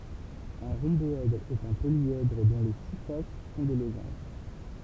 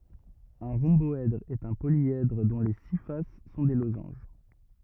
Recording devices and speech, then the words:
temple vibration pickup, rigid in-ear microphone, read sentence
Un rhomboèdre est un polyèdre dont les six faces sont des losanges.

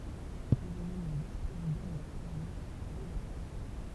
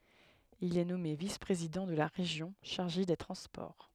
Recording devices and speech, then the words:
temple vibration pickup, headset microphone, read sentence
Il est nommé vice-président de la Région chargé des transports.

